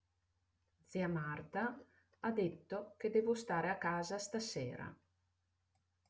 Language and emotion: Italian, neutral